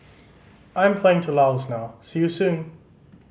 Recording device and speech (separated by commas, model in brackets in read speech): mobile phone (Samsung C5010), read sentence